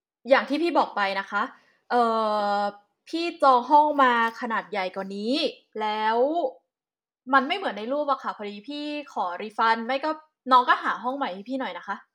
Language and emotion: Thai, frustrated